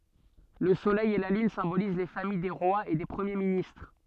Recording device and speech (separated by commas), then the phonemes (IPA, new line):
soft in-ear microphone, read sentence
lə solɛj e la lyn sɛ̃boliz le famij de ʁwaz e de pʁəmje ministʁ